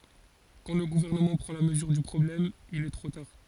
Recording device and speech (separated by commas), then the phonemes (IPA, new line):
forehead accelerometer, read sentence
kɑ̃ lə ɡuvɛʁnəmɑ̃ pʁɑ̃ la məzyʁ dy pʁɔblɛm il ɛ tʁo taʁ